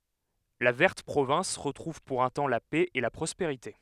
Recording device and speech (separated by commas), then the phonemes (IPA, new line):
headset microphone, read sentence
la vɛʁt pʁovɛ̃s ʁətʁuv puʁ œ̃ tɑ̃ la pɛ e la pʁɔspeʁite